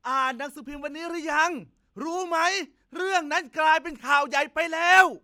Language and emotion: Thai, angry